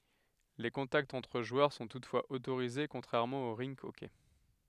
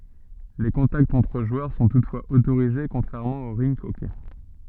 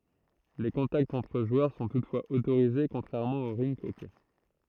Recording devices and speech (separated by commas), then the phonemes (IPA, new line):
headset microphone, soft in-ear microphone, throat microphone, read sentence
le kɔ̃taktz ɑ̃tʁ ʒwœʁ sɔ̃ tutfwaz otoʁize kɔ̃tʁɛʁmɑ̃ o ʁink ɔkɛ